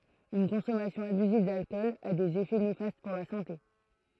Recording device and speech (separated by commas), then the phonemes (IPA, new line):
throat microphone, read sentence
yn kɔ̃sɔmasjɔ̃ abyziv dalkɔl a dez efɛ nefast puʁ la sɑ̃te